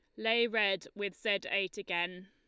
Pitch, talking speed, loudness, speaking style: 200 Hz, 175 wpm, -33 LUFS, Lombard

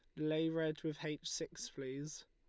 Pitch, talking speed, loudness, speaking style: 155 Hz, 175 wpm, -41 LUFS, Lombard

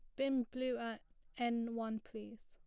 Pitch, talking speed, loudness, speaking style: 235 Hz, 160 wpm, -40 LUFS, plain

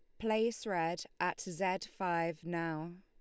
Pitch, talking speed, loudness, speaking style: 175 Hz, 130 wpm, -36 LUFS, Lombard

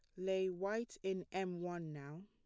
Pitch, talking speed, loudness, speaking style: 185 Hz, 175 wpm, -42 LUFS, plain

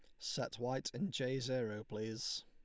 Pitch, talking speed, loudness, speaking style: 125 Hz, 160 wpm, -41 LUFS, Lombard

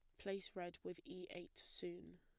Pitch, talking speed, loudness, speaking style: 180 Hz, 180 wpm, -50 LUFS, plain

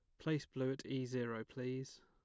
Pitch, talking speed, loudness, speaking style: 130 Hz, 195 wpm, -42 LUFS, plain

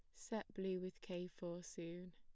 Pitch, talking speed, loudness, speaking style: 180 Hz, 185 wpm, -48 LUFS, plain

